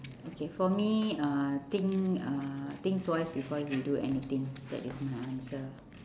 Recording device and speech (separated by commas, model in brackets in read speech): standing microphone, conversation in separate rooms